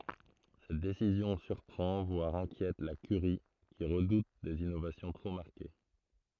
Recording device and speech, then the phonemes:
throat microphone, read sentence
sɛt desizjɔ̃ syʁpʁɑ̃ vwaʁ ɛ̃kjɛt la kyʁi ki ʁədut dez inovasjɔ̃ tʁo maʁke

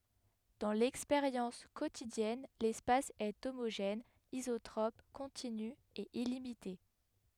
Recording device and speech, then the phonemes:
headset microphone, read sentence
dɑ̃ lɛkspeʁjɑ̃s kotidjɛn lɛspas ɛ omoʒɛn izotʁɔp kɔ̃tiny e ilimite

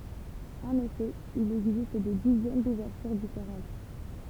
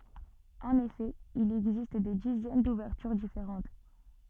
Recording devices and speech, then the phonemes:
temple vibration pickup, soft in-ear microphone, read sentence
ɑ̃n efɛ il ɛɡzist de dizɛn duvɛʁtyʁ difeʁɑ̃t

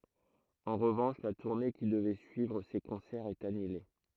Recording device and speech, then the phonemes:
throat microphone, read sentence
ɑ̃ ʁəvɑ̃ʃ la tuʁne ki dəvɛ syivʁ se kɔ̃sɛʁz ɛt anyle

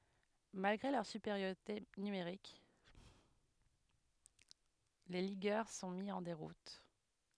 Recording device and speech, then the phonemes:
headset microphone, read sentence
malɡʁe lœʁ sypeʁjoʁite nymeʁik le liɡœʁ sɔ̃ mi ɑ̃ deʁut

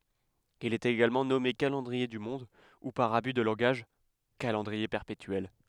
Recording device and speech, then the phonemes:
headset microphone, read sentence
il ɛt eɡalmɑ̃ nɔme kalɑ̃dʁie dy mɔ̃d u paʁ aby də lɑ̃ɡaʒ kalɑ̃dʁie pɛʁpetyɛl

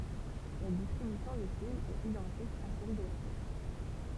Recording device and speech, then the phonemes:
temple vibration pickup, read sentence
la distʁibysjɔ̃ dy film ɛt idɑ̃tik a sɛl də la pjɛs

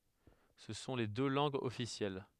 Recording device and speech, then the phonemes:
headset microphone, read sentence
sə sɔ̃ le dø lɑ̃ɡz ɔfisjɛl

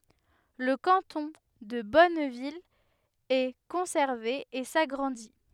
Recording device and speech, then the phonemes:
headset microphone, read sentence
lə kɑ̃tɔ̃ də bɔnvil ɛ kɔ̃sɛʁve e saɡʁɑ̃di

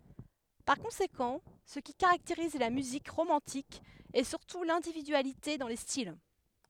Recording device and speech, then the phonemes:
headset microphone, read sentence
paʁ kɔ̃sekɑ̃ sə ki kaʁakteʁiz la myzik ʁomɑ̃tik ɛ syʁtu lɛ̃dividyalite dɑ̃ le stil

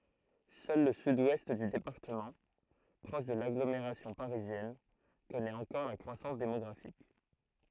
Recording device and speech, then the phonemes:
throat microphone, read sentence
sœl lə syd wɛst dy depaʁtəmɑ̃ pʁɔʃ də laɡlomeʁasjɔ̃ paʁizjɛn kɔnɛt ɑ̃kɔʁ la kʁwasɑ̃s demɔɡʁafik

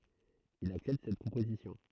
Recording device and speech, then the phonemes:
throat microphone, read sentence
il aksɛpt sɛt pʁopozisjɔ̃

